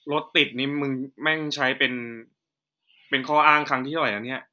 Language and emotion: Thai, frustrated